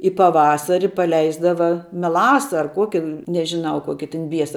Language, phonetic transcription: Lithuanian, i paˈvasari paˈleisdava meˈlasa ar ˈkuoki nežiˈnau ˈkuoki tin ˈbiesa

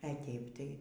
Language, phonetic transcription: Lithuanian, e ˈteip ˈtai

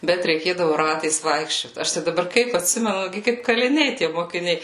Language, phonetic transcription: Lithuanian, ˈbet reiˈkėdavu ˈratais ˈvaikščiot ˈaš tai daˈbar ˈkaip atˈsimenu ˈgi kaip kaliˈniai tie mokiˈniai

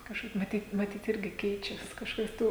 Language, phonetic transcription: Lithuanian, kažˈkaip maˈtyt maˈtyt ˈirgi ˈkeičias kažˈkaip ˈtų

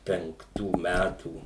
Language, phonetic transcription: Lithuanian, penkˈtų ˈmætų

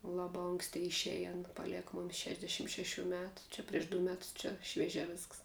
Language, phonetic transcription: Lithuanian, ˈlaba ˈonksti išˈeji ˈana paˈlieka ˈmomis ˈšešdešim šeˈšių ˈmetu ˈčia prieš du ˈmetus ˈčia švieˈžiā ˈvisks

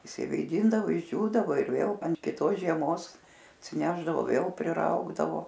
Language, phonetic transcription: Lithuanian, išsivėˈdindavo išˈdžiūdavo ir ˈvėl ant kiˈtos žieˈmos atsiˈnešdavo ˈvėl priˈraugdavo

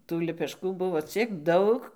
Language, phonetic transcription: Lithuanian, tų lepeˈškų ˈbuvo ˈciek ˈdaug

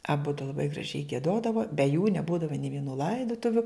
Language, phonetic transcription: Lithuanian, aˈbudu laˈbai graˈžiai gieˈdodavo be jų neˈbūdava nė vieˈnų ˈlaidutuviu

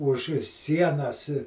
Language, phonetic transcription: Lithuanian, už ˈsienas

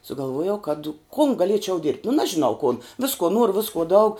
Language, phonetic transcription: Lithuanian, sugalˈvuojau kad kun gaˈliečiau ˈdirbt' nu ˈnažinau kun ˈviskuo ˈnuoru ˈviskuo daug

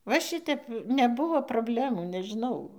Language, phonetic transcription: Lithuanian, va ˈšitep neˈbuvo probˈlemų nežiˈnau

